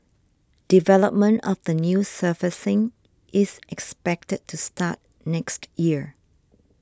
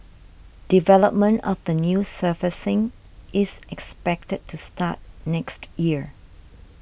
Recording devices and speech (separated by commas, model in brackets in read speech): standing microphone (AKG C214), boundary microphone (BM630), read sentence